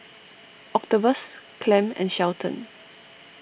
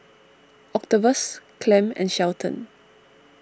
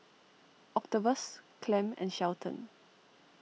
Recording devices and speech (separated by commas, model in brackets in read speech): boundary microphone (BM630), standing microphone (AKG C214), mobile phone (iPhone 6), read sentence